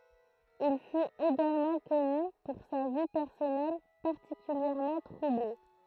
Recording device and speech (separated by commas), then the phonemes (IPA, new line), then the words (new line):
throat microphone, read sentence
il fyt eɡalmɑ̃ kɔny puʁ sa vi pɛʁsɔnɛl paʁtikyljɛʁmɑ̃ tʁuble
Il fut également connu pour sa vie personnelle particulièrement troublée.